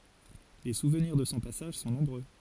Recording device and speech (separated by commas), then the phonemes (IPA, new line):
forehead accelerometer, read sentence
le suvniʁ də sɔ̃ pasaʒ sɔ̃ nɔ̃bʁø